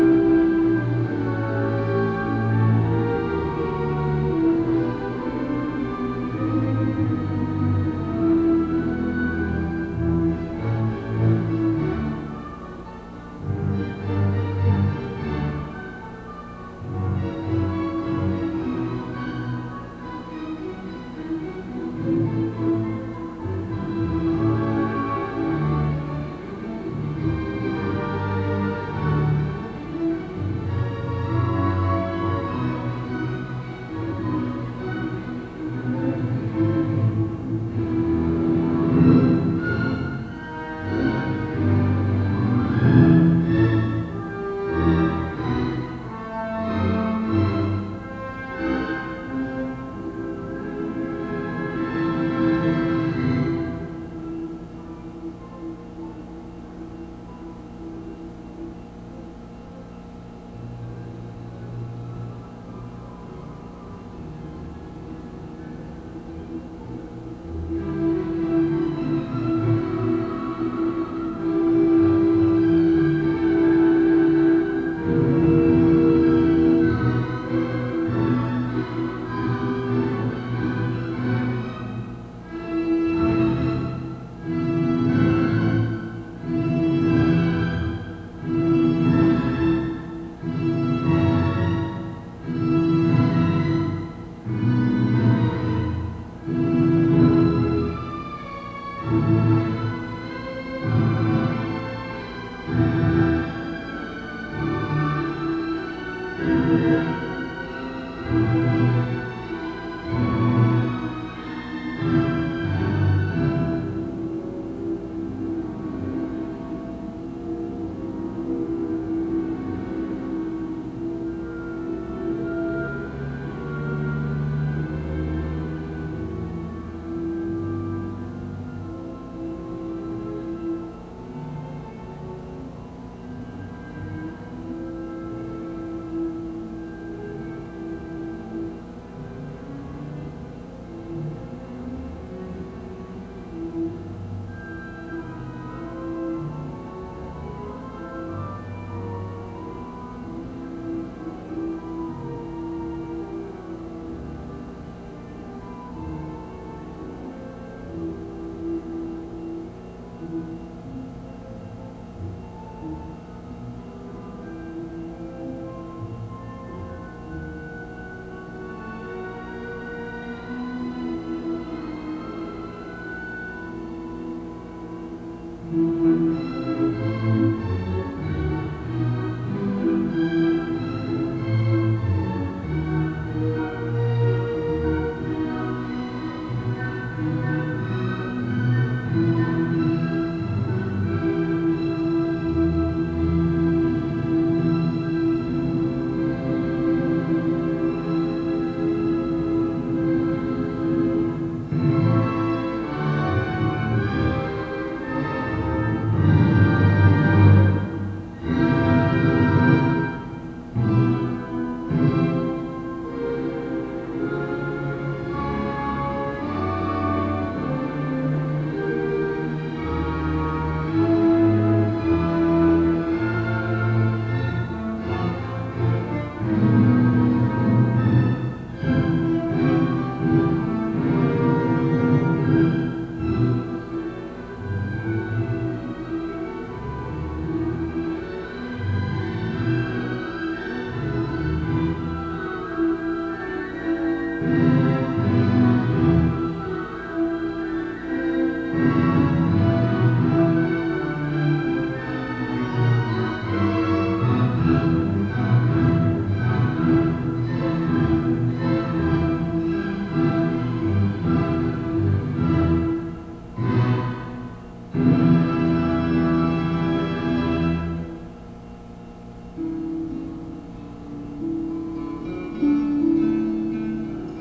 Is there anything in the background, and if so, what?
Music.